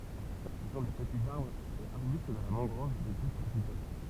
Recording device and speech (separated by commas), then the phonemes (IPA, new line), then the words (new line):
temple vibration pickup, read sentence
sə sɔ̃ de pətiz aʁbʁz e aʁbyst də la mɑ̃ɡʁɔv de kot tʁopikal
Ce sont des petits arbres et arbustes de la mangrove des côtes tropicales.